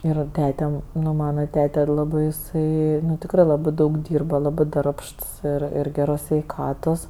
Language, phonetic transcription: Lithuanian, ir ˈtete ˈnu ˈmana ˈtete ˈlabɜ iˈsai tikˈrɜ ˈlabɜ ˈdaug ˈdyrba ˈlabɜ ˈdarbšts ˈir ir ˈgeros sveiˈkatos

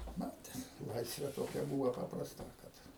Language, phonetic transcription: Lithuanian, ˈmates ˈlaisvė toˈkia ˈbūva paprasˈta kad

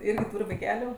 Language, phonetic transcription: Lithuanian, ˈirgi ˈtūr' vaiˈkeliu

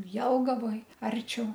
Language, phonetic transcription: Lithuanian, ˈjelgavoj ˈarčiau

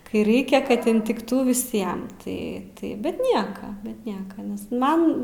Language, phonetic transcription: Lithuanian, ˈkai ˈraikia ˈkad intikˈtų viˈsiem tai ˈtai bet ˈnieka bet ˈnieka ˈnes ˈman

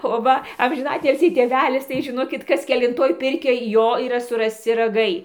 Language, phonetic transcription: Lithuanian, o ˈva amžiˈnatilsį tėˈvelis tai žiˈnokit ˈkas kelinˈtoj ˈpirkioj ˈjo yˈra surasˈci raˈgai

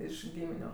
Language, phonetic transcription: Lithuanian, ˈiš ˈgyminiu

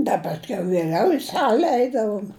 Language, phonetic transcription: Lithuanian, ˈda pasˈkiau vieˈliau i ˈsale ˈeidavom

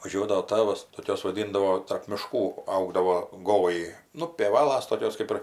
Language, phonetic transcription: Lithuanian, vaˈžiuodavo ˈtavas toˈkios vaˈdindavo tarp miˈškų ˈaugdavo ˈgolai nu pėˈvalas toˈkios ˈkaip ir

